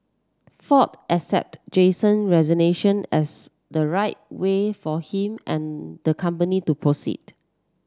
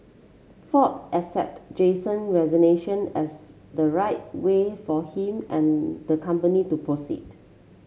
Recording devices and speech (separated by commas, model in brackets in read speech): standing microphone (AKG C214), mobile phone (Samsung C7), read sentence